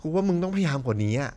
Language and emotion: Thai, frustrated